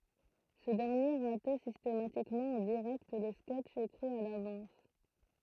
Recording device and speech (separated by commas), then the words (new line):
throat microphone, read sentence
Ce dernier ratait systématiquement en direct les sketches écrits à l'avance.